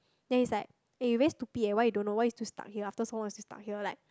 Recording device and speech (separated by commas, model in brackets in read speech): close-talking microphone, conversation in the same room